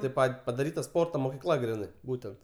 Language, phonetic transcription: Lithuanian, tėp ˈpat' padaˈryta ˈsporto mokiˈkla ˈgrinai ˈbūtent

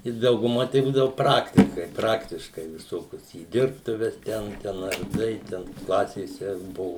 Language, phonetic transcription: Lithuanian, i dauguˈma tai ˈbūdavu ˈpraktikai ˈpraktiškai viˈsokius į ˈdirbtuves ˈten ˈten arˈdai ˈten ˈklasėse ˈbuvu

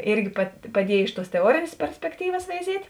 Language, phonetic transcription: Lithuanian, ˈirgi pa paˈdiejė iš tuos teˈuorėnės perspekˈtyvas veiˈziet'

